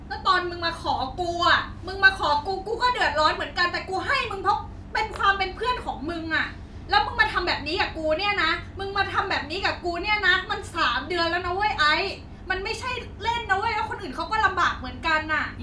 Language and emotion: Thai, angry